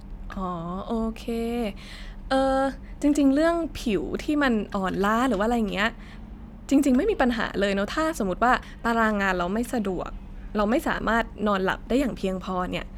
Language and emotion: Thai, neutral